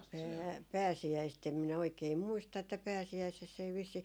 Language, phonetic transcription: Finnish, pää- 'pääsi₍äist em minä oikei 'muista että 'pääsi₍äisess ‿ei vissii ,.
- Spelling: - pääsiäistä en minä oikein muista että pääsiäisessä ei vissiin

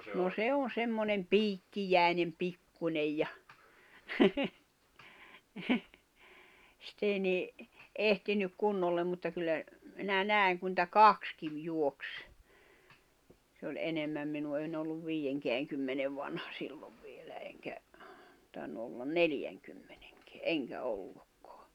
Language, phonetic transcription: Finnish, no 'se on̬ 'semmonem "piikkijä̀i̬nem 'pikkuńej ja , sit ‿ei ni , 'ehtinyk 'kunnollem mutta kyllä , minä 'nä̀i̬ŋ ku nⁱtä "kakskiv juoks , se oĺ '’enemmäm minu en'ⁿ ‿olluv 'viijeŋkeäŋkymmenev vanha 'sillov vielä eŋkä , 'tài̬nnu ollan "neljäŋkymmeɴᴇᴎkᴇᴀ̈ "eŋkä 'ollukkᴏᴀ .
- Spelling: no se on semmoinen piikkiäinen pikkuinen ja sitä ei niin ehtinyt kunnolla mutta kyllä minä näin kun niitä kaksikin juoksi se oli enemmän minun en ollut viidenkäänkymmenen vanha silloin vielä enkä tainnut olla neljänkymmenenkään enkä ollutkaan

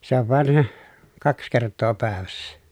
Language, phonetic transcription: Finnish, se ‿ov vàen , kaks kert̆too pä̀evässä .
- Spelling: se on vain kaksi kertaa päivässä

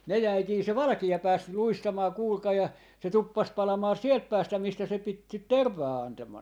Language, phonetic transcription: Finnish, 'ne 'jäikii se "valᵃki₍a 'pääs , 'luistamaa 'kuulkai ja , se 'tuppas 'palamaa "sielt 'päästä 'mistä se pit sit , "tervvaa 'antaman .
- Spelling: ne jäikin se valkea pääsi luistamaan kuulkaa ja se tuppasi palamaan sieltä päästä mistä se piti sitä tervaa antaman

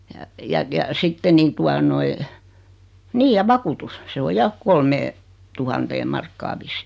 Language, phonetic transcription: Finnish, ja , ja ja 'sitte nii 'tua noi , 'niij ja "vakutus , 'se o 'ja , 'kolmee- , -'tuhanteeᵐ markkaa vissɪ .
- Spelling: ja ja ja sitten niin tuota noin niin ja vakuutus se on ja - kolmeentuhanteen markkaan vissiin

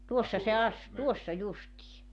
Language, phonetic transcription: Finnish, 'tuossa se 'as- , "tuossa 'justii .
- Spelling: tuossa se - tuossa justiin

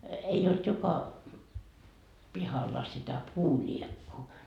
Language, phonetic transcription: Finnish, 'ei olt 'joka , 'pihalla sitä "puuĺiekkuu .
- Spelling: ei ollut joka pihalla sitä puuliekkua

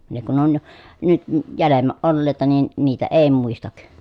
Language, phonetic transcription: Finnish, ne kun on , nyt ə jälemmäʼ ʼollèi̮ta nin , niitä èi muistak .
- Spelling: ne kun on nyt - jäljemmä olleita niin niitä ei muista

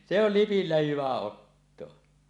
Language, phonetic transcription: Finnish, se ‿oh "lipillä 'hyvä 'ottoa .
- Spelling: se on lipillä hyvä ottaa

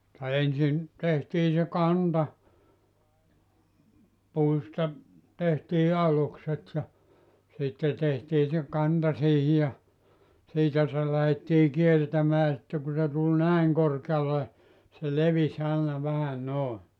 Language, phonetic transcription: Finnish, [mut]ta 'ensin , tehtii se "kanta , 'puista , 'tehtii "alukset ja , 'sitte 'tehtii se 'kanta siihi ja , 'siitä se lähettii 'kiertämää sitte ku se tul "näiŋ 'korkeale , se 'levis 'àena 'vähä "nòe .
- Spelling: mutta ensin tehtiin se kanta puista tehtiin alukset ja sitten tehtiin se kanta siihen ja siitä se lähdettiin kiertämään sitten kun se tuli näin korkealle se levisi aina vähän noin

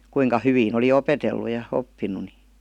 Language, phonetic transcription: Finnish, 'kuiŋka 'hyvin ‿oli "opetellu ja 'oppin̆nu ni .
- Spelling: kuinka hyvin oli opetellut ja oppinut niin

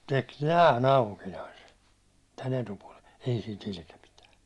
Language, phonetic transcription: Finnish, tek 'nä^§'n ‿aukinaise , tän etupuålen̬ , ei si't ‿ilke pitää .
- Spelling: teki näin aukinaisen tämän etupuolen ei sitä ilkeä pitää

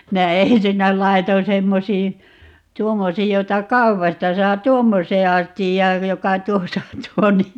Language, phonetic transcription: Finnish, 'minä "ensinnä 'laiton 'semmosii , "tuommosiij jota "kaupasta 'saa - "tuommos̀ee 'astijjaaj 'joka "tuosa on 'tuo nii ,.
- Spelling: minä ensinnä laitoin semmoisiin tuommoisiin jota kaupasta saa tuommoiseen astiaan joka tuossa on tuo niin

